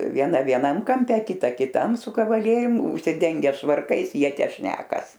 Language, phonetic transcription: Lithuanian, vieˈna vieˈnam kamˈpe kiˈta kiˈtam su kavaˈlierium užsiˈdenge švarˈkais ˈjie ˈtę ˈšnekas

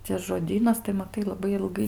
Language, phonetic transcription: Lithuanian, ˈcia žoˈdynas tai maˈtai laˈbai ilˈgai

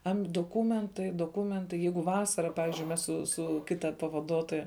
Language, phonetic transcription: Lithuanian, am' doˈkūmentai doˈkūmentai ˈjeigu ˈvasara ˈpavizdžiui ˈmes su ˈsu ˈkita pavaˈduotoja

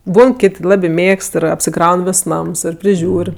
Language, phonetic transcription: Lithuanian, ˈbūn ˈkit' ˈlabi ˈmėgst ir apsiˈkraun ˈvis ˈnams ˈir priˈžiūr'

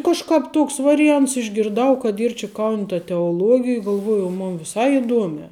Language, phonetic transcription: Lithuanian, kažˈkāp ˈtoks variˈjants išgirˈdau kad ˈyr či kaun' ta teoluogij galˈvuoju o ˈmun viˈsai iˈduomiā

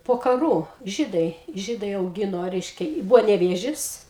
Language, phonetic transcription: Lithuanian, po kaˈrų ˈžydai ˈžydai auˈgino ˈreiškia ˈbuvo neˈvėžis

